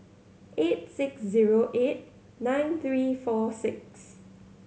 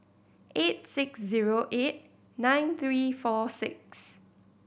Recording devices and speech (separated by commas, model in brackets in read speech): mobile phone (Samsung C7100), boundary microphone (BM630), read sentence